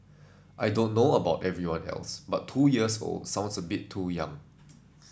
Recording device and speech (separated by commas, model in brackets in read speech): standing microphone (AKG C214), read sentence